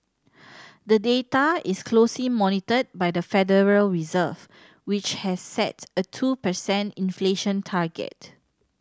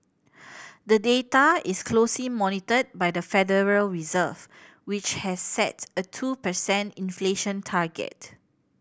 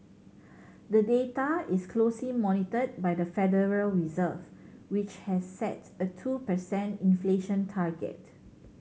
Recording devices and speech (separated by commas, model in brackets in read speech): standing microphone (AKG C214), boundary microphone (BM630), mobile phone (Samsung C7100), read sentence